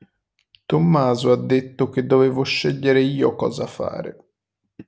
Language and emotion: Italian, sad